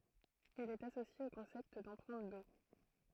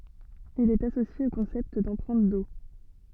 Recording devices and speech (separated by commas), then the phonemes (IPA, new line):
throat microphone, soft in-ear microphone, read sentence
il ɛt asosje o kɔ̃sɛpt dɑ̃pʁɛ̃t o